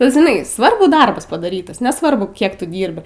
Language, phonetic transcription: Lithuanian, ˈbet žiˈnai ˈsvarbu ˈdarbas padaˈrytas neˈsvarbu ˈkiek ˈtu ˈdyrbi

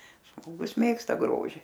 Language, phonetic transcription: Lithuanian, žmoˈgus ˈmėgsta ˈgroži

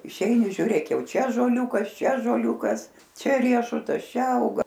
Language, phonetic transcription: Lithuanian, išˈeini žiūˈrėk ˈjau ˈčia ąžoˈliūkas ˈčia ąžoˈliūkas ˈčia ˈriešutas ˈčia ˈauga

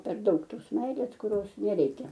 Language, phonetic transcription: Lithuanian, per ˈdaug ˈtos ˈmeilės kuˈrios neˈreikia

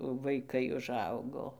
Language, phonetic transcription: Lithuanian, vaiˈkai uˈžaugo

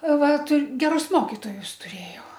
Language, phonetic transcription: Lithuanian, ˈva tu geˈrus ˈmokitojus ˈtuˈrėjau

